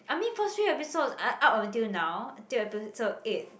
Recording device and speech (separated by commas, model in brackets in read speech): boundary microphone, conversation in the same room